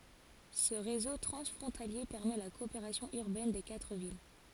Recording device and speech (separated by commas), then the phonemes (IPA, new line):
forehead accelerometer, read sentence
sə ʁezo tʁɑ̃sfʁɔ̃talje pɛʁmɛ la kɔopeʁasjɔ̃ yʁbɛn de katʁ vil